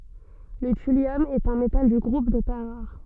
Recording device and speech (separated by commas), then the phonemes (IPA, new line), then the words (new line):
soft in-ear microphone, read sentence
lə tyljɔm ɛt œ̃ metal dy ɡʁup de tɛʁ ʁaʁ
Le thulium est un métal du groupe des terres rares.